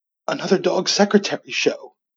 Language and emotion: English, happy